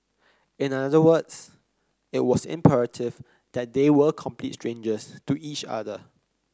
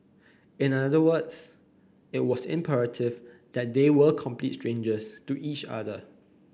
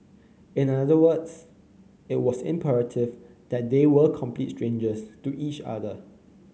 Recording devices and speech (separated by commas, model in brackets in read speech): close-talking microphone (WH30), boundary microphone (BM630), mobile phone (Samsung C9), read sentence